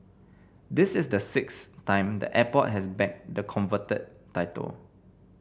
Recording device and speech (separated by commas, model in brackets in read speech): boundary microphone (BM630), read sentence